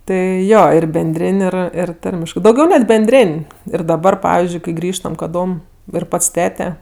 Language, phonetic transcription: Lithuanian, ˈtai ˈjo ˈir benˈdrėn' ˈir ˈir ˈtarmiškɜ dauˈgiau net benˈdrėn' ir daˈbar ˈpavizdžiui kai ˈgrįžtam kaˈdom ir ˈpats ˈtete

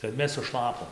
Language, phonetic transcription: Lithuanian, kad ˈmes suˈšlapom

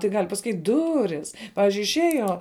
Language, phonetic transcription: Lithuanian, tai ˈgal' pasaˈkyt' ˈduris ˈpavizdžiui išˈėjo

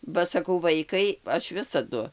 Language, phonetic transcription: Lithuanian, ba saˈkau ˈvaikai ˈaš ˈvisadu

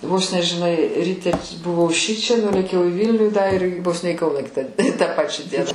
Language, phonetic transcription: Lithuanian, ˈvos ne žiˈnai ˈryte buˈvau ˈšičia ˈnulėkiau i ˈvylnių da ir vos ne į ˈkauną ˈkitą tą ˈpačią ˈdieną

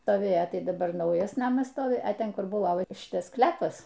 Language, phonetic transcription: Lithuanian, stoˈvėjo ˈtai daˈbar ˈnaujas ˈnamas ˈstovi a ˈten ˈkur ˈbuvo va ˈšitas ˈsklepas

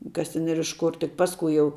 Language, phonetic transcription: Lithuanian, kas ˈten ir iš ˈkur tik ˈpaskui jau

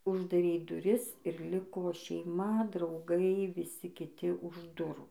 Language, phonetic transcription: Lithuanian, uždaˈrei duˈris ir ˈliko šeiˈma drauˈgai viˈsi kiˈti už ˈdurų

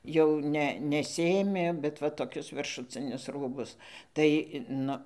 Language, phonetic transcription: Lithuanian, jau ˈne neˈsiėmė bet ˈva toˈkius viršuˈcinius ˈrūbus tai ˈnu

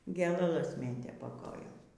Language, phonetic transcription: Lithuanian, gėlaˈlas ˈmėtė pa ˈkojom

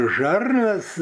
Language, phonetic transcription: Lithuanian, ˈžarnas

